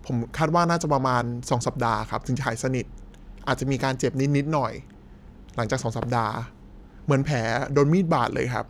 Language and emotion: Thai, neutral